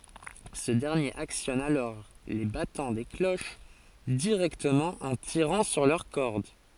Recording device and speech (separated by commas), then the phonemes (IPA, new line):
forehead accelerometer, read sentence
sə dɛʁnjeʁ aksjɔn alɔʁ le batɑ̃ de kloʃ diʁɛktəmɑ̃ ɑ̃ tiʁɑ̃ syʁ lœʁ kɔʁd